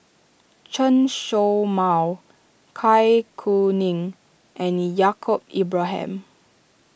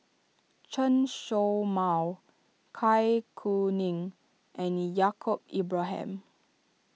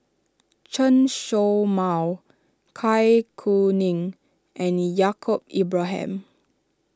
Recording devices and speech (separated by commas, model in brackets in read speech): boundary microphone (BM630), mobile phone (iPhone 6), standing microphone (AKG C214), read sentence